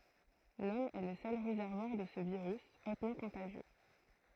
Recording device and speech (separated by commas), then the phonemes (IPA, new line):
throat microphone, read sentence
lɔm ɛ lə sœl ʁezɛʁvwaʁ də sə viʁys otmɑ̃ kɔ̃taʒjø